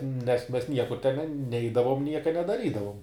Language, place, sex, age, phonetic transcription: Lithuanian, Žemaitija, male, 18-60, nes mes ˈniekur ten ˈneidavom ˈnieka nedaˈrydavum

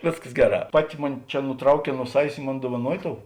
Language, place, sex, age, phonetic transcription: Lithuanian, Žemaitija, male, 60+, ˈvėsˌkas ˈgeˌrā ˈpaˌti ˈmuni ˈčia nuˈtrauˌkē nuo ˈsavės i ˈmon duovaˈnuoji ˈtou

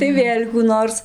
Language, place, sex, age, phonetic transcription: Lithuanian, Dzūkija, female, 18-60, tai ˈvėl' kų ˈnors

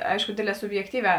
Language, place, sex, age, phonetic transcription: Lithuanian, Žemaitija, female, 18-60, ˈaišku ˈdėdˌlē subjekˈtyˌviā

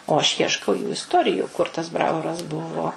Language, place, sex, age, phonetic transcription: Lithuanian, Suvalkija, female, 60+, o aš ˈjieškau jų isˈtoriju kur tas ˈbravoras ˈbuvo

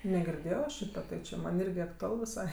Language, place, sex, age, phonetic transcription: Lithuanian, Aukštaitija, female, 18-60, negirˈdėjo ˈšyta tai či ˈman' ˈirgi aktuˈal viˈsai

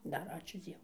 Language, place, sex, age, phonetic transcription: Lithuanian, Dzūkija, female, 60+, ˈdar ˈačiū ˈdzievu

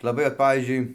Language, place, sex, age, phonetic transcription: Lithuanian, Dzūkija, male, 60+, laˈbai ot ˈpavyzdžiui

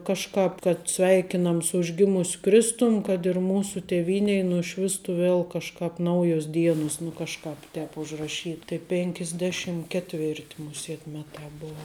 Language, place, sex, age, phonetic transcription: Lithuanian, Žemaitija, female, 18-60, ˈkažkāp kad ˈsveikinam su užˈgimus' ˈkristum kad ir ˈmūsu tėˈvynei nuˈšvistu ˈvėl kažˈkāp ˈnaujos ˈdienus nu ˈkažˌkāp ˈtēp užraˈšyt tai pėnkisˈdeˌšim ketˈvertˈ muˈsėt ˈmeˌtā ˈbova

